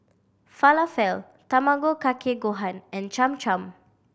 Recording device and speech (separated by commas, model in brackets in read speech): boundary microphone (BM630), read sentence